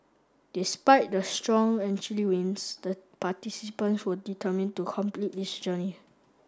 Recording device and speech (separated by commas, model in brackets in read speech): standing microphone (AKG C214), read sentence